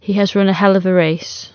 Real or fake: real